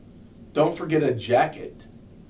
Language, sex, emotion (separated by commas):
English, male, neutral